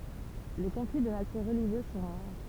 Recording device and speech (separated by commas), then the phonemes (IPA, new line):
temple vibration pickup, read sentence
le kɔ̃fli də natyʁ ʁəliʒjøz sɔ̃ ʁaʁ